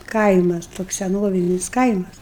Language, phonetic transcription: Lithuanian, ˈkaimas toks seˈnovinis ˈkaimas

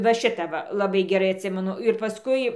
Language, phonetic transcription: Lithuanian, va ˈšita ˈva laˈbai geˈrai atˈsimenu ir paˈskui

